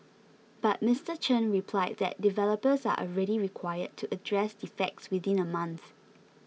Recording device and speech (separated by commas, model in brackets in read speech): mobile phone (iPhone 6), read sentence